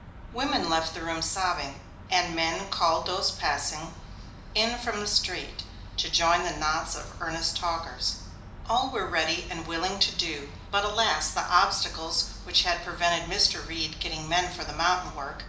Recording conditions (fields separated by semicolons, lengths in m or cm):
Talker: one person; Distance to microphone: 2.0 m; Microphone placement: close; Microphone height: 99 cm; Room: medium-sized (5.7 m by 4.0 m); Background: none